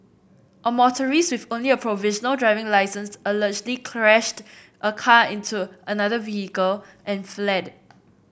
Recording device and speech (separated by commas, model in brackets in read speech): boundary microphone (BM630), read sentence